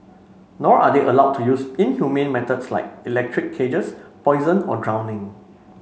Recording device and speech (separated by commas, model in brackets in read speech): mobile phone (Samsung C5), read sentence